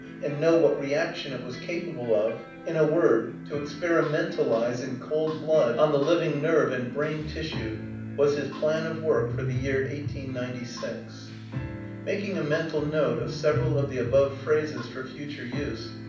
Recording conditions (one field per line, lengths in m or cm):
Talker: one person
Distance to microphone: 5.8 m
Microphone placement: far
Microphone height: 1.8 m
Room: medium-sized (5.7 m by 4.0 m)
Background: music